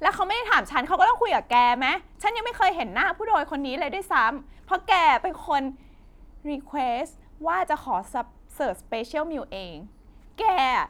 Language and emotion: Thai, angry